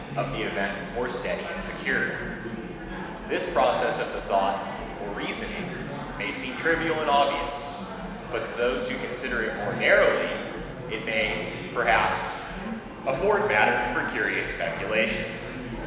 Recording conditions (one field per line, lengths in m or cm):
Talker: one person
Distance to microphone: 1.7 m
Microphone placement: close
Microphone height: 1.0 m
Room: very reverberant, large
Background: babble